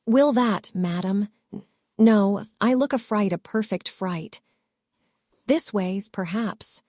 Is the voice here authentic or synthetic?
synthetic